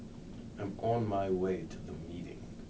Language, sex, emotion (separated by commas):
English, male, neutral